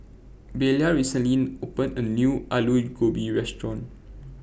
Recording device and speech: boundary microphone (BM630), read sentence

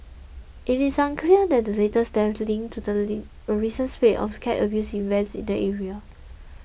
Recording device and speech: boundary microphone (BM630), read sentence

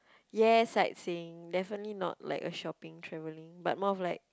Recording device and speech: close-talking microphone, conversation in the same room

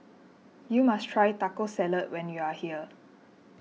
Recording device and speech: mobile phone (iPhone 6), read sentence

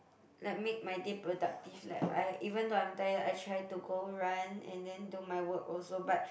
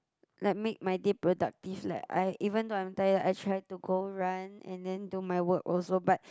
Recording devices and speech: boundary microphone, close-talking microphone, conversation in the same room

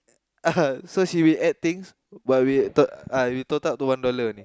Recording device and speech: close-talking microphone, conversation in the same room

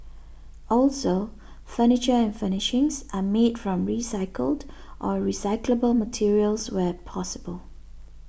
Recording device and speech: boundary microphone (BM630), read sentence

